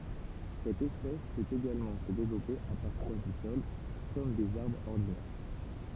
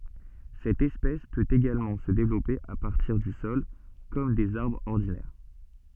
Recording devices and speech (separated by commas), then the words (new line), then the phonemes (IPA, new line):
temple vibration pickup, soft in-ear microphone, read sentence
Cette espèce peut également se développer à partir du sol comme des arbres ordinaires.
sɛt ɛspɛs pøt eɡalmɑ̃ sə devlɔpe a paʁtiʁ dy sɔl kɔm dez aʁbʁz ɔʁdinɛʁ